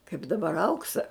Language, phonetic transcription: Lithuanian, kaip daˈbar ˈauksa

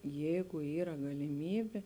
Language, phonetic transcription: Lithuanian, ˈjeigu ˈyra galiˈmybė

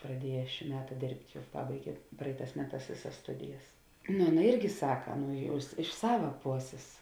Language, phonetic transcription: Lithuanian, praˈdieja šį ˈmeta ˈdėrbt' ˈjau ˈpabaigė ˈpraiˌtās ˈmeˌtās ˈvėˌsas ˈstudijas nu ˈaˌna ˈirgi ˈsaka ˈnu ˈjau is iš ˈsava ˈposės

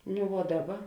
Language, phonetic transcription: Lithuanian, nu vuo ˈdaˌba

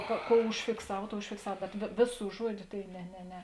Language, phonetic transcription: Lithuanian, ko ˈkou užfikˈsav ˈtou užfikˈsav bet vė ˈvėˌsų ˈžuodiu tai ne ne ˈne

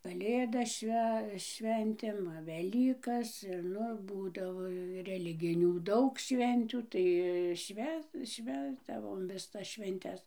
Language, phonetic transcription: Lithuanian, kaˈlėdas ˈšve ˈšventėm ˈva veˈlykas ir ˈnu ˈbūdavo reˈliginių ˈdaug ˈšventių ˈtai ˈšvę ˈšvęsdavom viˈsas švenˈtes

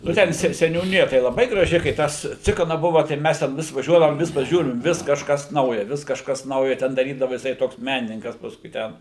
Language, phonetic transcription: Lithuanian, ˈnu ˈten se seniūˈnija tai laˈbai graˈži kai ˈtas ˈcikana ˈbuva tai ˈmes ten ˈvis vaˈžiuodavom ˈvis paˈžiūrim ˈvis kažˈkas nauja ˈvis kažˈkas ˈnauja ˈten daˈrydava jiˈsai ˈtoks ˈmenininkas ˈpaskui ˈten

